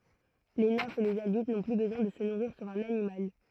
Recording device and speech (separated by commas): throat microphone, read sentence